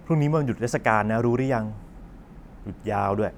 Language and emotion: Thai, neutral